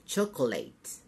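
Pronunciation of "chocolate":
'Chocolate' is pronounced incorrectly here.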